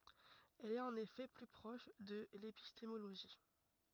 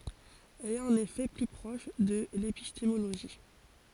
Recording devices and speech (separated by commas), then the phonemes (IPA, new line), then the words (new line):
rigid in-ear microphone, forehead accelerometer, read sentence
ɛl ɛt ɑ̃n efɛ ply pʁɔʃ də lepistemoloʒi
Elle est en effet plus proche de l'épistémologie.